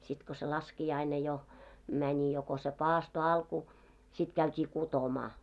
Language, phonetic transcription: Finnish, sit ko se 'laski₍aine jo , mäńi jo ko se "paasto 'alku , sit 'käyt́ii "kutomaa .
- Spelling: sitten kun se laskiainen jo meni jo kun se paaston alku sitten käytiin kutomaan

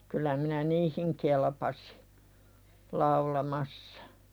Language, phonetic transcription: Finnish, kyl̆lä minä "niihiŋ kelpasɪ , 'laulamassᴀ .
- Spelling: kyllä minä niihin kelpasin laulamassa

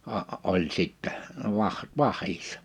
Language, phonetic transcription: Finnish, a- , 'oĺ sìttɛ , 'vah- , 'vah̀issᴀ .
- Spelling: - oli sitten - vähissä

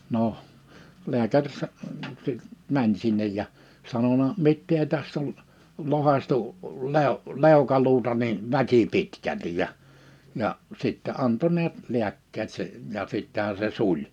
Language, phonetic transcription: Finnish, noh , 'li̬äkär sa- , si- , 'mäń 'sinnej ja , 'sanona » 'mittee 'täst ‿ol , 'lohaśtu , lèo- , 'lèokaluuta niin 'väkipitkältij̆ « ja , ja , 'sìttɛ 'anto niät , 'li̬äkkeet se , ja 'sittähä se 'suĺ .
- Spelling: no lääkäri - - meni sinne ja sanonut mitä tästä on lohkaistu - leukaluuta niin väkipitkälti ja ja sitten antoi näet lääkkeet se ja sittenhän se suli

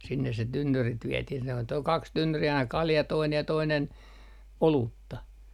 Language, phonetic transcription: Finnish, sinnes se 'tynnyrit viɛtih se on toi ol 'kaks 'tynnyri aina 'kalja 'toinej ja 'toinen , "oluutta .
- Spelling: sinne se tynnyrit vietiin se on tuo oli kaksi tynnyriä aina kalja toinen ja toinen olutta

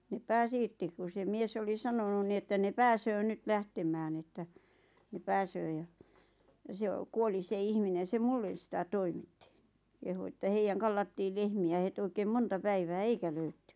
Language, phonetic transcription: Finnish, ne "pääs 'irti ku se 'mies oli 'sanonun ni että ne "pääsöö 'nyt "lähtemään että , ne 'pääsöö ja , ja se o- , 'kuoli se 'ihminen̬ se "mullen̬ sitä 'toimitti , kehu että 'heijäŋ kallattiil 'lehmi₍ä het 'oikeem "monta 'päivää "eikä 'löytty .
- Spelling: ne pääsi irti kun se mies oli sanonut niin että ne pääsee nyt lähtemään että ne pääsee ja ja se - kuoli se ihminen se minulle sitä toimitti kehui että heidän kallattiin lehmiä heti oikein monta päivää eikä löydetty

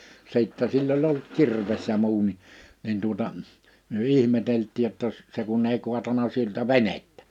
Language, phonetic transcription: Finnish, 'sìttɛ sill ‿oĺ ollut 'kirves ja 'muu ni , nin tuᵒta , myö 'ihmetelt̆tiij jotta jos , 'se kunn ‿ei kuatana siltä "venettᴀ̈ .
- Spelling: sitten sillä oli ollut kirves ja muu niin niin tuota me ihmeteltiin jotta jos se kun ei kaatanut siltä venettä

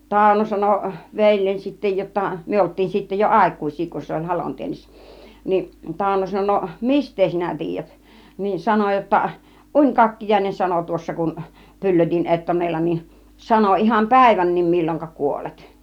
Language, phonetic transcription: Finnish, Tàuno 'sano , veĺjeń sittä jotta , 'myö olt̆tiin sittä jo "àik̀ùĭs̆sii kun se oĺ 'halontiennissä , niin 'Tàuno 'sano » no , "mist̆tee sinä 'tiijät ? « niin 'sano jotta , » "uńkakkijaĭnen ano 'tuossa kun 'py̬llötin 'ettonella nin , 'sano iham "pä̀ivän̆nim mil͕l͕oŋka 'kuolet « .
- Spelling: Tauno sanoi veljeni sitten jotta me oltiin sitten jo aikuisia kun se oli halonteennissä niin Tauno sanoi no mistä sinä tiedät niin sanoi jotta unikakkiainen sanoi tuossa kun pyllötin ettonella niin sanoi ihan päivänkin milloinka kuolet

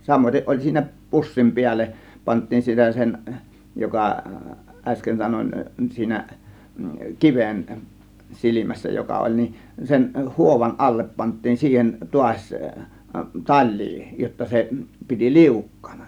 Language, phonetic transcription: Finnish, 'samoiteˀ ˀoĺ 'siinä , "pussim 'piälleˀ , 'pant̆tiin 'sitä sen , 'joka , 'ˀäsken sanon 'siinä , "kiven , "silimässä 'joka 'oĺ nin , sen "huovan 'allep pant̆tiin siihen "tuaś , "tal̀̆lii jotta 'se , piti "liukkAANA .
- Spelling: samaten oli siinä pussin päälle pantiin sitä sen joka äsken sanoin siinä kiven silmässä joka oli niin sen huovan alle pantiin siihen taas talia jotta se piti liukkaana

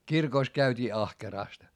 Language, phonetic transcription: Finnish, kirkòs käyt́ii ahkeràst .
- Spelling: kirkossa käytiin ahkerasti

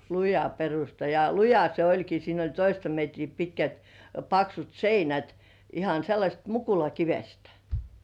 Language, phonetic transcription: Finnish, luja 'perusta jᴀ "luja se 'oĺki siin ‿oĺ 'toista metrii pitkät , 'paksut "seinät ihan̬ sellaśt "mukulakivestᴀ̈ .
- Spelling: luja perusta ja luja se olikin siinä oli toista metriä pitkät paksut seinät ihan sellaisesta mukulakivestä

